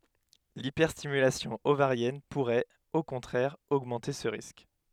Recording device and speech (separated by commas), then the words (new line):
headset microphone, read sentence
L'hyperstimulation ovarienne pourrait, au contraire, augmenter ce risque.